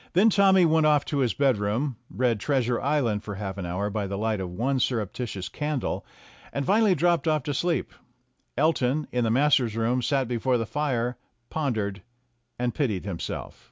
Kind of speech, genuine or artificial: genuine